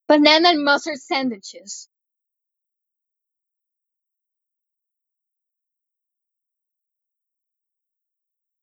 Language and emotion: English, fearful